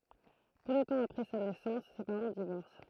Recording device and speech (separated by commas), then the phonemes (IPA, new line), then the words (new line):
throat microphone, read sentence
pø də tɑ̃ apʁɛ sa nɛsɑ̃s se paʁɑ̃ divɔʁs
Peu de temps après sa naissance, ses parents divorcent.